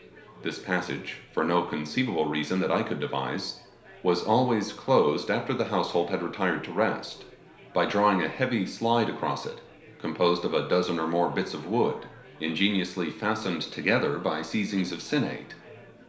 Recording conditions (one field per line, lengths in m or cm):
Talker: one person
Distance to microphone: 1.0 m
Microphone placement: close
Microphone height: 1.1 m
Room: small (3.7 m by 2.7 m)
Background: babble